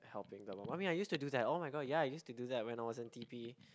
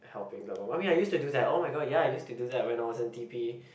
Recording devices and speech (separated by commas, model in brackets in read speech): close-talking microphone, boundary microphone, conversation in the same room